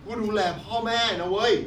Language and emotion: Thai, frustrated